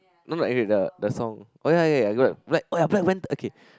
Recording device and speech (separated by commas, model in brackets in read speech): close-talking microphone, conversation in the same room